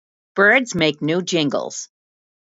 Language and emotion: English, fearful